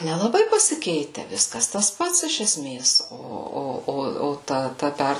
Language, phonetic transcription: Lithuanian, nelaˈbai pasiˈkeite ˈviskas tas ˈpats iš eˈsmės ˈo ˈo ˈo ˈo ˈta ˈta ˈper

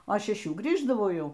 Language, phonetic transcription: Lithuanian, o šeˈšių ˈgrįždavau ˈjau

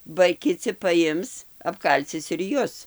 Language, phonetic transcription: Lithuanian, ba kiˈci paˈjims apˈkalcis ir ˈjus

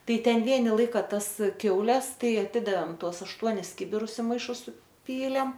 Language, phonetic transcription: Lithuanian, ˈtai ˈten ˈvieni ˈlaika ˈtas ˈkiaules ˈtai aˈtidavėm ˈtuos ˈaštuonis ˈkibirus i maiˈšus suˈpylėm

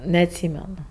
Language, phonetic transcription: Lithuanian, neatˈsymenu

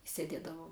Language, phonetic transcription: Lithuanian, i seˈdėdavom

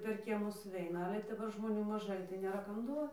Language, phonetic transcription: Lithuanian, per ˈkiemus suˈveina ˈale daˈbar žmoˈnių maˈžai tai nėˈra ˈkam ˈduo

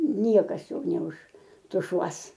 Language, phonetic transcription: Lithuanian, ˈniekas ˈjo neuštuˈšuos

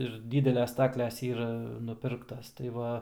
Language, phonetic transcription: Lithuanian, ir ˈdydeles ˈstakles ˈyra nuˈpirktas tai ˈva

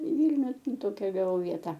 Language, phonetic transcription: Lithuanian, i ˈvylniu ˈtokia gaˈvau ˈvieta

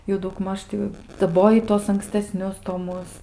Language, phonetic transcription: Lithuanian, jau dauˈgmaž ti daˈboji ˈtuos anksteˈsnius toˈmus

